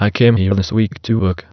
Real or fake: fake